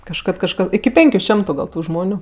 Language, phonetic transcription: Lithuanian, kažˈkad kažˈka iki ˈpenkiu ˈšemtu ˈgal tu ˈžmoniu

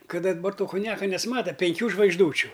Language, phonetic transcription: Lithuanian, ˈkad daˈbar ˈto kunˈjaka nesˈmata penˈkių žvaigžˈdūčiu

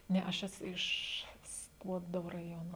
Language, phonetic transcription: Lithuanian, ˈne aš ˈesu ˈiš ˈskuodo raˈjono

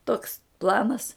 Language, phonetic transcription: Lithuanian, toks ˈplanas

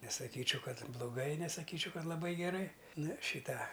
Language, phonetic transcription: Lithuanian, nesaˈkyčiau ˈkad bluˈgai nesaˈkyčiau ˈkad laˈbai geˈrai ˈnu ˈšį ˈtą

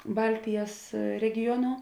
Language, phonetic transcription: Lithuanian, ˈbaltijas regiˈjono

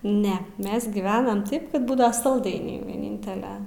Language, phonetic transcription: Lithuanian, ˈne ˈmes gyˈvenam ˈtaip ˈkad ˈbūda salˈdainiai vieˈnintele

